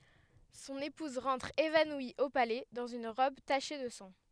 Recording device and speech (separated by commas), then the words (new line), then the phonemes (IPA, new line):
headset microphone, read sentence
Son épouse rentre évanouie au palais dans une robe tachée de sang.
sɔ̃n epuz ʁɑ̃tʁ evanwi o palɛ dɑ̃z yn ʁɔb taʃe də sɑ̃